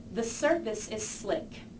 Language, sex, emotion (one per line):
English
female
neutral